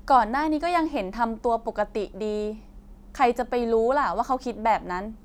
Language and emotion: Thai, frustrated